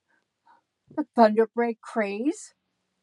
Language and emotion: English, angry